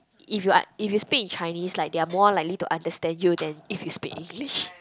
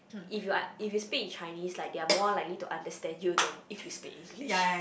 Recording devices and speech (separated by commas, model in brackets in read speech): close-talking microphone, boundary microphone, conversation in the same room